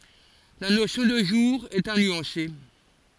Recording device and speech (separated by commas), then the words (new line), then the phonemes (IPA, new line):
forehead accelerometer, read sentence
La notion de jour est à nuancer.
la nosjɔ̃ də ʒuʁ ɛt a nyɑ̃se